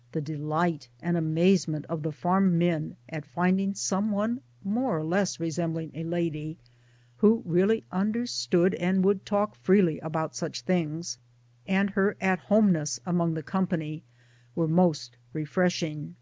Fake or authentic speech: authentic